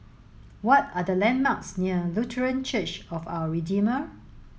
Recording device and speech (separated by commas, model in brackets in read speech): mobile phone (Samsung S8), read sentence